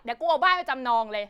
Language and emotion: Thai, angry